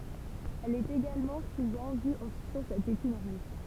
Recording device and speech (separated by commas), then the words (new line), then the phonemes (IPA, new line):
temple vibration pickup, read sentence
Elle est également souvent vue en suçant sa tétine rouge.
ɛl ɛt eɡalmɑ̃ suvɑ̃ vy ɑ̃ sysɑ̃ sa tetin ʁuʒ